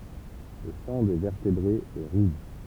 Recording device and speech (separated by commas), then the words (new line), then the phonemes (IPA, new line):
temple vibration pickup, read sentence
Le sang des vertébrés est rouge.
lə sɑ̃ de vɛʁtebʁez ɛ ʁuʒ